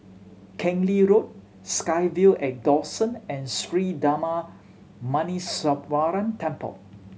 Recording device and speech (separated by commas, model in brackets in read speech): mobile phone (Samsung C7100), read sentence